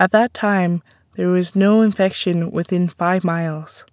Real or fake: real